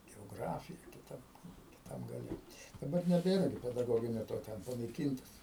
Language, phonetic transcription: Lithuanian, geoˈgrafija kiˈtam kiˈtam gaˈle daˈbar neˈbėra gi pedaˈgoginio to ˈten panaiˈkyntas

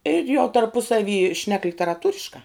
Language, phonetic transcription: Lithuanian, ir jau tarˈpusavy šnek literaˈtūriškā

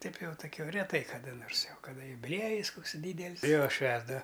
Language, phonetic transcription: Lithuanian, ˈtaip ˈjau toˈkio reˈtai kaˈda ˈnors jau kaˈda jubiˈliejis ˈkoks ˈdydel's' ˈjo ˈšvęsdava

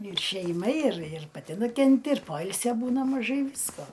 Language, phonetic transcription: Lithuanian, ir šeiˈma ir ir paˈti nukenˈti ir ˈpoilsio ˈbūna maˈžai ˈvysko

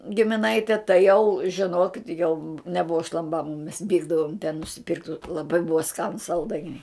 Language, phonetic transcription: Lithuanian, gimiˈnaite tai jau žiˈnokit jau neˈbuva šlamˈbama mes ˈvykdavom ten nusiˈpirkt' laˈbai ˈbuva ˈskanus salˈdainiai

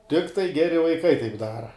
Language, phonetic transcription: Lithuanian, ˈtiktai ˈgeri vaiˈkai taip ˈdara

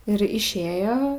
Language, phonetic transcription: Lithuanian, ir išˈėjo

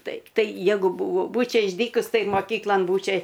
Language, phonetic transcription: Lithuanian, ˈtaip ˈtai ˈjegu ˈbuvo ˈbūčia išˈdykus ˈtai moˈkyklan ˈbūčia

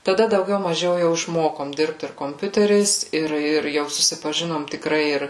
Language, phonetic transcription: Lithuanian, taˈda dauˈgiau maˈžiau jau išˈmokom ˈdirbt ir komˈpiuteriais ˈir ir ˈjau susipaˈ žinom tikˈrai ˈir

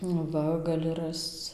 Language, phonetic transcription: Lithuanian, nu ˈva gaˈli ˈrasc

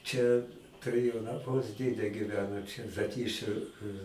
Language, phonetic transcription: Lithuanian, ˈčia tuˈrėjau naˈmus ˈdėde gyˈveno čia zaˈtyšiu

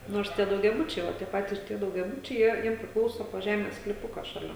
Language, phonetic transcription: Lithuanian, ˈnors ˈtie daugiaˈbučiai ˈva tie ˈpatys tie daugiaˈbučiai ˈjie ˈjiem priˈklauso po ˈžemės sklyˈpuka šaˈlia

